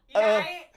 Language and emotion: Thai, angry